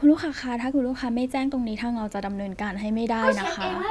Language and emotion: Thai, neutral